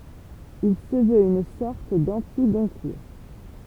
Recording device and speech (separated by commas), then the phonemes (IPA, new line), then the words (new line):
temple vibration pickup, read sentence
il sə vøt yn sɔʁt dɑ̃tiɡɔ̃kuʁ
Il se veut une sorte d'anti-Goncourt.